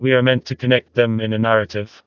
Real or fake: fake